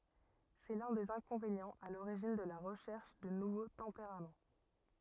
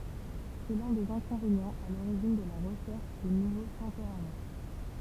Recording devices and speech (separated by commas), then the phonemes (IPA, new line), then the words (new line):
rigid in-ear microphone, temple vibration pickup, read sentence
sɛ lœ̃ dez ɛ̃kɔ̃venjɑ̃z a loʁiʒin də la ʁəʃɛʁʃ də nuvo tɑ̃peʁam
C'est l'un des inconvénients à l'origine de la recherche de nouveaux tempéraments.